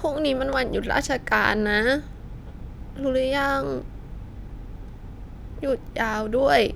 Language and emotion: Thai, sad